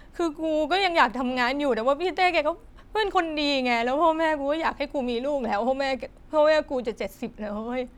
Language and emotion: Thai, sad